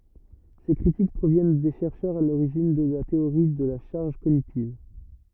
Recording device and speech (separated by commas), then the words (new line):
rigid in-ear microphone, read sentence
Ces critiques proviennent des chercheurs à l'origine de la théorie de la charge cognitive.